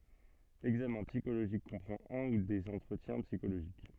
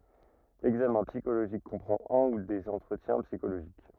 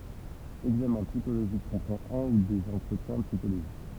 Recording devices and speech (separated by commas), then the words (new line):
soft in-ear microphone, rigid in-ear microphone, temple vibration pickup, read sentence
L'examen psychologique comprend un ou des entretiens psychologiques.